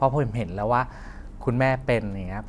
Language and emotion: Thai, neutral